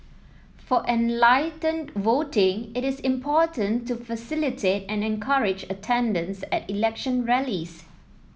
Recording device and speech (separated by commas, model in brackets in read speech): mobile phone (iPhone 7), read sentence